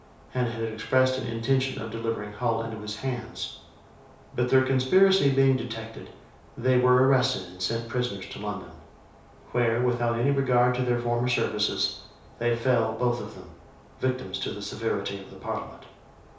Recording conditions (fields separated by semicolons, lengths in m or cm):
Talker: one person; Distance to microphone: 3.0 m; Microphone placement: far; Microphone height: 1.8 m; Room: small (3.7 m by 2.7 m); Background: none